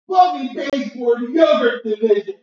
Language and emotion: English, sad